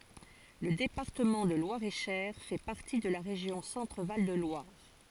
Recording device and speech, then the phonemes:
forehead accelerometer, read sentence
lə depaʁtəmɑ̃ də lwaʁeʃɛʁ fɛ paʁti də la ʁeʒjɔ̃ sɑ̃tʁval də lwaʁ

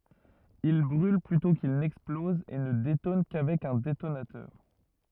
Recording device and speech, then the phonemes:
rigid in-ear microphone, read sentence
il bʁyl plytɔ̃ kil nɛksplɔz e nə detɔn kavɛk œ̃ detonatœʁ

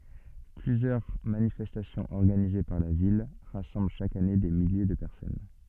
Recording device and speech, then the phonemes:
soft in-ear microphone, read sentence
plyzjœʁ manifɛstasjɔ̃z ɔʁɡanize paʁ la vil ʁasɑ̃bl ʃak ane de milje də pɛʁsɔn

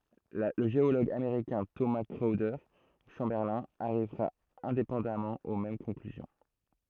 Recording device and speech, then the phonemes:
throat microphone, read sentence
lə ʒeoloɡ ameʁikɛ̃ toma kʁɔwde ʃɑ̃bɛʁlɛ̃ aʁivʁa ɛ̃depɑ̃damɑ̃ o mɛm kɔ̃klyzjɔ̃

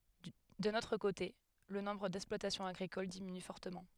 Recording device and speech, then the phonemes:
headset microphone, read sentence
dœ̃n otʁ kote lə nɔ̃bʁ dɛksplwatasjɔ̃z aɡʁikol diminy fɔʁtəmɑ̃

